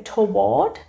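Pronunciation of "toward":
'Toward' is pronounced incorrectly here.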